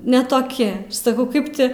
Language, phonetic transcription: Lithuanian, ne toˈki saˈkau ˈkaip ti

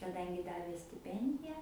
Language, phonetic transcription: Lithuanian, kaˈdangi ˈdavė stiˈpendija

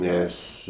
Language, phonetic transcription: Lithuanian, ˈnes

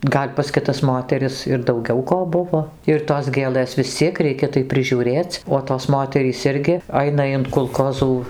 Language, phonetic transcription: Lithuanian, ˈgal' pas kiˈtas ˈmoteris ir dauˈgiau ˈko ˈbuvo ir tos ˈgėlɘs vis ˈciek ˈreikia tai prižiūˈrėc' o tos ˈmoterys ˈirgi ˈaina in kulˈkozų

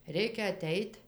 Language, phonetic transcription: Lithuanian, ˈreikia aˈteit'

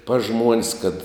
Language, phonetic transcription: Lithuanian, pas ˈžmuon's' kad

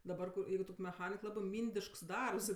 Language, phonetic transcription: Lithuanian, daˈbar kur ˈjeigu tok' meˈchanik ˈlabɜ ˈmyndišks ˈdarbs

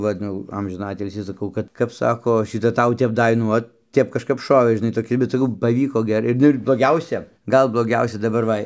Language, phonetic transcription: Lithuanian, ˈvat ˈnu jau ˈamžiną ˈatilsį saˈkau ˈkad kap ˈsako šiˈta ˈtau ˈtep ˈda i ˈnu ot ˈtep kažˈkap ˈšovė žiˈnai toˈki bet saˈkau paˈvyko ˈgerai ˈnu ir bloˈgiausia ˈgal bloˈgiausia daˈbar ˈva

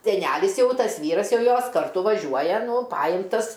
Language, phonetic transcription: Lithuanian, seˈnælis ˈjau ˈtas ˈvyras ˈjau ˈjos karˈtu vaˈžiuoja ˈnu ˈpajimtas

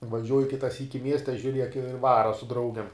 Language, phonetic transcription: Lithuanian, vaˈžiuoju ˈkita ˈsyki ˈmieste žiuˈriek i ˈvara su ˈdraugem

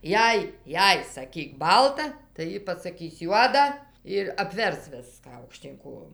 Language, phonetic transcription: Lithuanian, ˈjei ˈjei saˈkyk ˈbalta tai ˈjy pasaˈkis ˈjuoda ir apˈvers ˈviską aukˈštyn ˈkojom

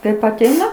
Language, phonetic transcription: Lithuanian, ˈkaip aˈteina

